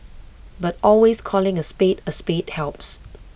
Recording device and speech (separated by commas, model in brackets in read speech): boundary microphone (BM630), read sentence